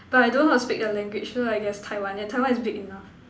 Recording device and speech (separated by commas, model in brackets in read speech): standing microphone, conversation in separate rooms